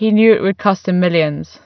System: none